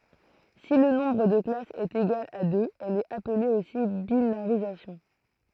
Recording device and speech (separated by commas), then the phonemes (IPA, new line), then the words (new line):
throat microphone, read sentence
si lə nɔ̃bʁ də klasz ɛt eɡal a døz ɛl ɛt aple osi binaʁizasjɔ̃
Si le nombre de classes est égal à deux, elle est appelée aussi binarisation.